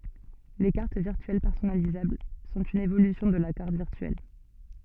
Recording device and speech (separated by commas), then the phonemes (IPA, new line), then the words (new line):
soft in-ear microphone, read sentence
le kaʁt viʁtyɛl pɛʁsɔnalizabl sɔ̃t yn evolysjɔ̃ də la kaʁt viʁtyɛl
Les cartes virtuelles personnalisables sont une évolution de la carte virtuelle.